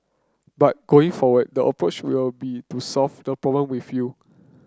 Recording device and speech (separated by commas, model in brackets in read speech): close-talking microphone (WH30), read sentence